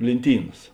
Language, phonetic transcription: Lithuanian, lėnˈtynas

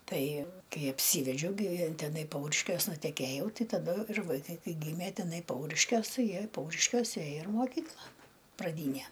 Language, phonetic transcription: Lithuanian, ˈtai ˈkai apˈsyvedžiau gi teˈnai ˈpauriškiuos nuteˈkėjau ˈtai taˈdu ir vaiˈkai ˈkai ˈgymė teˈnai ˈpauriškiuos ˈtai ˈjie ir ˈpauriškiose ˈėjo ir moˈkykla praˈdyne

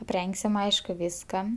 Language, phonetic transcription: Lithuanian, apˈrengsim ˈaišku ˈviska

